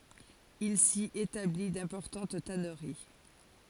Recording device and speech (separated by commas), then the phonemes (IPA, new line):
forehead accelerometer, read sentence
il si etabli dɛ̃pɔʁtɑ̃t tanəʁi